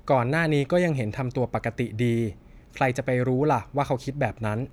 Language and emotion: Thai, neutral